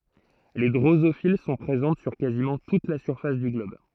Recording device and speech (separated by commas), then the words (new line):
throat microphone, read sentence
Les drosophiles sont présentes sur quasiment toute la surface du globe.